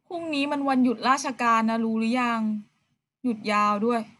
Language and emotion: Thai, frustrated